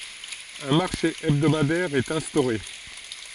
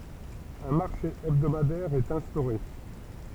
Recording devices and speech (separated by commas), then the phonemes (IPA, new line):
forehead accelerometer, temple vibration pickup, read sentence
œ̃ maʁʃe ɛbdomadɛʁ ɛt ɛ̃stoʁe